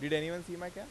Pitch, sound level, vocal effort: 175 Hz, 91 dB SPL, normal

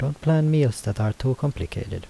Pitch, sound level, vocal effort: 130 Hz, 78 dB SPL, soft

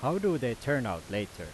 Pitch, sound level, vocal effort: 120 Hz, 91 dB SPL, loud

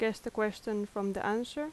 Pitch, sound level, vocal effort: 215 Hz, 81 dB SPL, normal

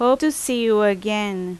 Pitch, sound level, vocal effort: 215 Hz, 87 dB SPL, very loud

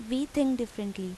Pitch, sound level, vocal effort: 235 Hz, 83 dB SPL, normal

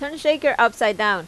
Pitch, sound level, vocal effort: 235 Hz, 92 dB SPL, loud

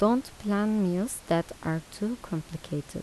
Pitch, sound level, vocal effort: 180 Hz, 79 dB SPL, soft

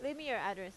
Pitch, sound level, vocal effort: 230 Hz, 89 dB SPL, loud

